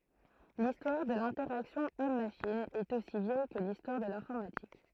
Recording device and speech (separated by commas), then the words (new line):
throat microphone, read sentence
L'histoire de l'interaction Homme-machine est aussi vieille que l'histoire de l'informatique.